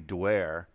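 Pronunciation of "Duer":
'Duer' is pronounced incorrectly here.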